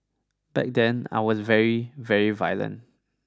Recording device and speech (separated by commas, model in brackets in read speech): standing microphone (AKG C214), read sentence